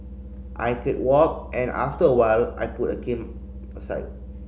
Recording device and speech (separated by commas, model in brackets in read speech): mobile phone (Samsung C5010), read sentence